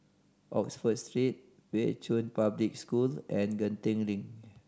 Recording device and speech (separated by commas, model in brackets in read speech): standing microphone (AKG C214), read sentence